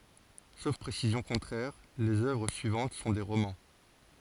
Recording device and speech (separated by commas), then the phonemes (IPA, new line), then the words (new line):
forehead accelerometer, read sentence
sof pʁesizjɔ̃ kɔ̃tʁɛʁ lez œvʁ syivɑ̃t sɔ̃ de ʁomɑ̃
Sauf précision contraire, les œuvres suivantes sont des romans.